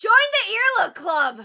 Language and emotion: English, disgusted